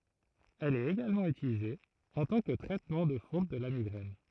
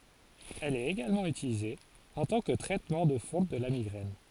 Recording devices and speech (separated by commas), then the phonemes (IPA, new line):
throat microphone, forehead accelerometer, read sentence
ɛl ɛt eɡalmɑ̃ ytilize ɑ̃ tɑ̃ kə tʁɛtmɑ̃ də fɔ̃ də la miɡʁɛn